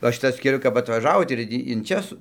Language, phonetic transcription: Lithuanian, ˈva ˈšitas keˈliu kap atvaˈžavot ir ˈtį in ˈčia su

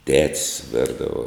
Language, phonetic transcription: Lithuanian, tet's' ˈverdavo

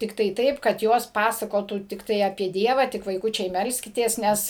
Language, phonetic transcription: Lithuanian, ˈtiktai ˈtaip kad ˈjos ˈpasakotų tikˈtai apie ˈdieva tik vaiˈkučiai ˈmelskitės ˈnes

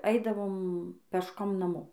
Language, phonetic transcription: Lithuanian, ˈaidavom pešˈkom naˈmo

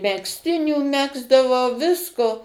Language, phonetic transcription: Lithuanian, megzˈtinių ˈmegzdavau ˈvisko

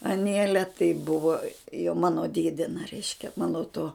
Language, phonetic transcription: Lithuanian, aˈnėle tai ˈbuvo jau ˈmano ˈdėdina ˈreiškia ˈmano to

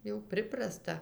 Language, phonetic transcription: Lithuanian, jau ˈpriprasta

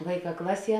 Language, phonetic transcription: Lithuanian, ˈvaiˌkā ˈklaˌsie

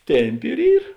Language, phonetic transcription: Lithuanian, ˈtemˌpi ir ˈyr

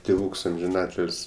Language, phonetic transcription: Lithuanian, tėˈvūks amžiˈnatil's'

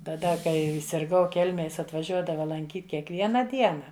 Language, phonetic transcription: Lithuanian, taˈda ˈkai sirˈgau ˈkelmėj ˈjis atvaˈžiuodava lanˈkyt kiekˈviena ˈdiena

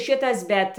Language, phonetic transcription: Lithuanian, ˈšitas ˈbet

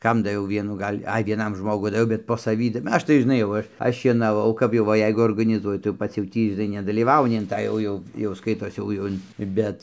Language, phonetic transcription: Lithuanian, ˈkam daˈviau ˈvienų ˈgal' ˈai vieˈnam ˈžmogu daˈviau bet po saˈvį ˈaš tai žiˈnai jau ˈaš ˈaš šienaˈvau kap jau ˈva ˈjeigu organiˈzuoju tai jau ˈpats jau ˈtį žiˈnai nedalyˈvauni in ˈtą jau ˈjau jau ˈskaitos ˈjau jau ˈin ˈbet

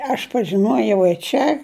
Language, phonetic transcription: Lithuanian, aš pažiˈnuojau i ˈčia

